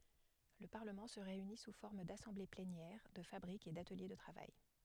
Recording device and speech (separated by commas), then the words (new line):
headset microphone, read sentence
Le Parlement se réunit sous forme d’assemblées plénières, de fabriques et d’ateliers de travail.